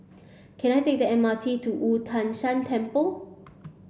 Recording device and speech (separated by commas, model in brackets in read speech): boundary microphone (BM630), read sentence